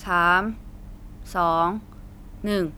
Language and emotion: Thai, neutral